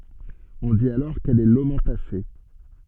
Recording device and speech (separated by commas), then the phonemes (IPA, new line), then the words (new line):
soft in-ear microphone, read sentence
ɔ̃ dit alɔʁ kɛl ɛ lomɑ̃tase
On dit alors qu'elle est lomentacée.